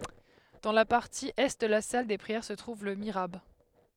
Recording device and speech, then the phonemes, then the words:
headset microphone, read sentence
dɑ̃ la paʁti ɛ də la sal de pʁiɛʁ sə tʁuv lə miʁab
Dans la partie est de la salle des prières se trouve le mihrab.

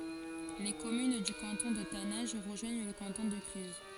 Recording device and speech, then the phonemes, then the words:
forehead accelerometer, read sentence
le kɔmyn dy kɑ̃tɔ̃ də tanɛ̃ʒ ʁəʒwaɲ lə kɑ̃tɔ̃ də klyz
Les communes du canton de Taninges rejoignent le canton de Cluses.

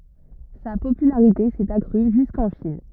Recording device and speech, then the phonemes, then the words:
rigid in-ear microphone, read sentence
sa popylaʁite sɛt akʁy ʒyskɑ̃ ʃin
Sa popularité s'est accrue jusqu'en Chine.

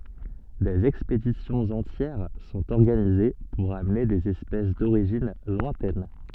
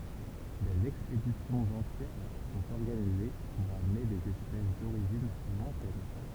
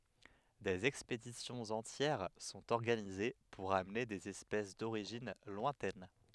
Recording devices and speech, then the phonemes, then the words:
soft in-ear microphone, temple vibration pickup, headset microphone, read sentence
dez ɛkspedisjɔ̃z ɑ̃tjɛʁ sɔ̃t ɔʁɡanize puʁ amne dez ɛspɛs doʁiʒin lwɛ̃tɛn
Des expéditions entières sont organisées pour amener des espèces d'origine lointaine.

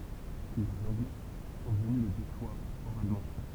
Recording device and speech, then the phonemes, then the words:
temple vibration pickup, read sentence
lez ɑ̃ɡlɛ sɔ̃ vəny lə deʃwaʁ oʁalmɑ̃
Les Anglais sont venus le déchoir oralement.

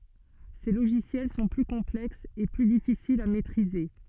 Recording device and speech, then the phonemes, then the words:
soft in-ear microphone, read sentence
se loʒisjɛl sɔ̃ ply kɔ̃plɛksz e ply difisilz a mɛtʁize
Ces logiciels sont plus complexes et plus difficiles à maitriser.

